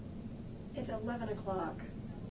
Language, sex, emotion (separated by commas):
English, female, sad